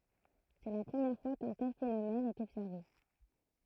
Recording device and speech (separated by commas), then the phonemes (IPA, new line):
throat microphone, read sentence
sɛ la pʁəmjɛʁ fwa kœ̃ tɛl fenomɛn ɛt ɔbsɛʁve